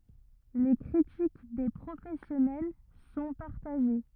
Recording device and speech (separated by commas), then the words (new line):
rigid in-ear microphone, read sentence
Les critiques des professionnels sont partagées.